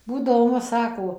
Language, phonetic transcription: Lithuanian, ˈbūdavo maˈma ˈsako

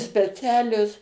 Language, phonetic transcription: Lithuanian, speˈcialios

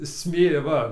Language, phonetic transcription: Lithuanian, ˈsmė ˈva

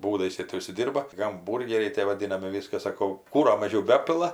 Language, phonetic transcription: Lithuanian, ˈbūdais ˈjė ti užsiˈdy rba gamˈbūrgeriai ˈtė vaˈdinami ˈviskas saˈkau ˈkūro maˈžiau ˈbepila

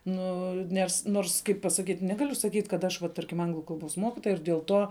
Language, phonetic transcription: Lithuanian, ˈnu ˈnes ˈnors ˈkaip pasaˈkyt' ˈnegaliu saˈkyt' kad ˈaš va ˈtarkim ˈanglu kalˈbos ˈmokitoja ir diel ˈtuo

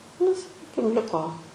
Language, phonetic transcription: Lithuanian, nu saˈkykim ˈliko

